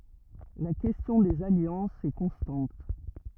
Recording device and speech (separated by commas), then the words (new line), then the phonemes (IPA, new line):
rigid in-ear microphone, read sentence
La question des alliances est constante.
la kɛstjɔ̃ dez aljɑ̃sz ɛ kɔ̃stɑ̃t